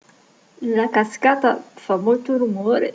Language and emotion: Italian, fearful